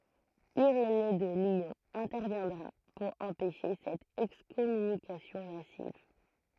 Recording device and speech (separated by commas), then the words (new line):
throat microphone, read sentence
Irénée de Lyon interviendra pour empêcher cette excommunication massive.